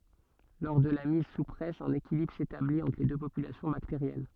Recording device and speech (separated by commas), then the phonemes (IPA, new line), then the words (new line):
soft in-ear microphone, read sentence
lɔʁ də la miz su pʁɛs œ̃n ekilibʁ setablit ɑ̃tʁ le dø popylasjɔ̃ bakteʁjɛn
Lors de la mise sous presse, un équilibre s'établit entre les deux populations bactériennes.